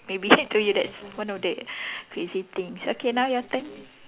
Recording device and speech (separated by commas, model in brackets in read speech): telephone, conversation in separate rooms